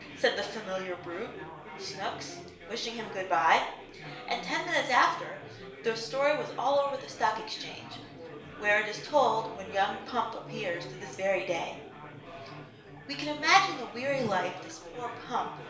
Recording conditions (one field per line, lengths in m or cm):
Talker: one person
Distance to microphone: 1.0 m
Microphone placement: close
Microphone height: 1.1 m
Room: small (3.7 m by 2.7 m)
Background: babble